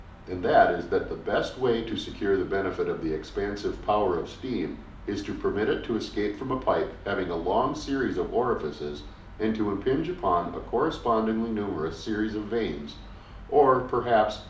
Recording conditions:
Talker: one person; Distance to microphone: 2.0 m; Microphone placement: close; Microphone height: 99 cm; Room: medium-sized (5.7 m by 4.0 m); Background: none

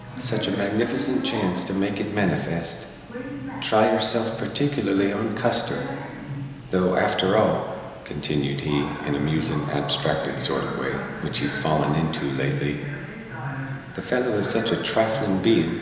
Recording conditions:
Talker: one person; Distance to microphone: 1.7 m; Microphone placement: close; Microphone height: 1.0 m; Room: very reverberant, large; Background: television

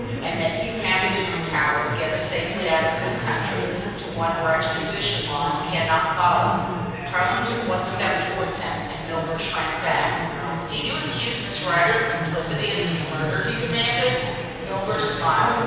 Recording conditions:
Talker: one person; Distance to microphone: 7.1 m; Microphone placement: far; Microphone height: 1.7 m; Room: very reverberant, large; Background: babble

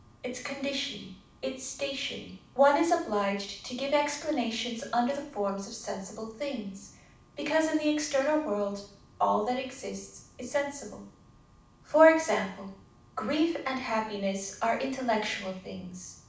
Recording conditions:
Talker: one person; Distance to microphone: 5.8 m; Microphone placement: far; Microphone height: 1.8 m; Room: medium-sized (5.7 m by 4.0 m); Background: none

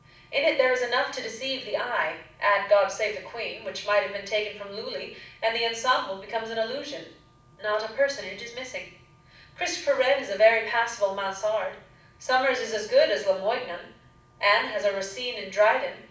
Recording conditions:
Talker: one person; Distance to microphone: 5.8 m; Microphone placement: far; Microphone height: 1.8 m; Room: medium-sized (5.7 m by 4.0 m); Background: none

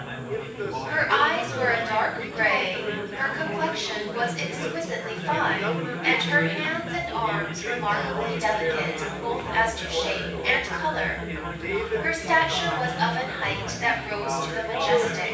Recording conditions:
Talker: one person; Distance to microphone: 9.8 m; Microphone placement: far; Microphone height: 1.8 m; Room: large; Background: babble

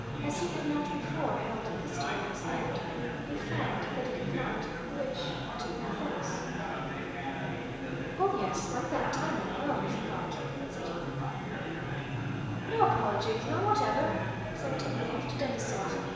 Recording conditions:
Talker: one person; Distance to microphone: 1.7 m; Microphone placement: close; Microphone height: 1.0 m; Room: very reverberant, large; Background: babble

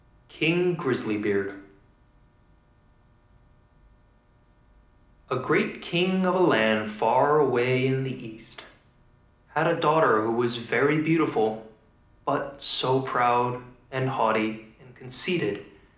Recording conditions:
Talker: one person; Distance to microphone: 2.0 m; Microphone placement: close; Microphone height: 99 cm; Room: medium-sized (5.7 m by 4.0 m); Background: none

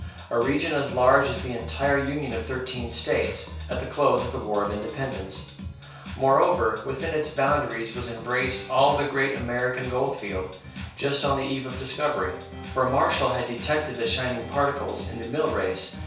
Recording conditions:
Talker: one person; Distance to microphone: 3.0 m; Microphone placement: far; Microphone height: 1.8 m; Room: small (3.7 m by 2.7 m); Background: music

